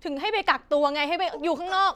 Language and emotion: Thai, angry